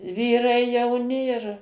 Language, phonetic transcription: Lithuanian, ˈvyrai jauˈni ir

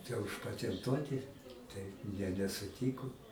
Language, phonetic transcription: Lithuanian, tę užpatenˈtuoti ˈtai jie nesuˈtyku

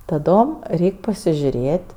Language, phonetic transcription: Lithuanian, taˈdom ˈreik' pasižiuˈrėt'

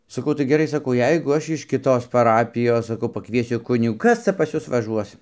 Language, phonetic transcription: Lithuanian, saˈkau tai geˈrai saˈkau ˈjeiguˈ aš iš kiˈtos paˈrapijos saˈkau paˈkviesiu ˈkunigų ˈkas ca pas ˈjus vaˈžuos

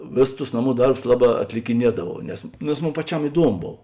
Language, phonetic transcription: Lithuanian, ˈvėˌsus tus ˈnaˌmų ˈdarbus ˈlaˌbā atlikiˈniedavau nes nes ˈmon paˈčiam iˈduomo ˈbov

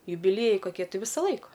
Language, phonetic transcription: Lithuanian, jubiˈliejai koˈkie ˈti ˈvisa ˈlaika

